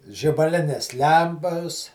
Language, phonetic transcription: Lithuanian, žibaˈlinės ˈlempas

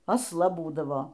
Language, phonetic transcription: Lithuanian, asˈla ˈbūdavo

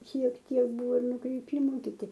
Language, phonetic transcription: Lithuanian, šiek ˈtiek ˈbūvo nukriˈpymu kiˈti

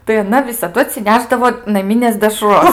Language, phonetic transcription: Lithuanian, tai aˈna visaˈdu atsiˈnešdavo naˈminės deˈšros

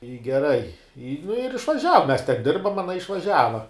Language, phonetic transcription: Lithuanian, i geˈrai i nu ir išvaˈžiava mes ten ˈdirbam aˈna išvaˈžiava

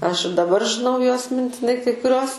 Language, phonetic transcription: Lithuanian, ˈaš daˈbar žiˈnau juos mintiˈnai kai kuˈriuos

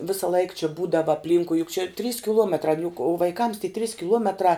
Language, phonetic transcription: Lithuanian, ˈvisa laik či ˈbūdava apˈlynkui juk čia trys kiˈluometrā n juk vaiˈkams tie trys kiˈluometrā

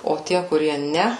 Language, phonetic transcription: Lithuanian, o ˈtie kuˈrie ˈne

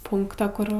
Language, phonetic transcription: Lithuanian, ˈpunkta ˈkur

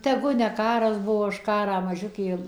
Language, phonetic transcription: Lithuanian, teˈgu ne ˈkaras ˈbuvo aš ˈkarą maˈžiukė

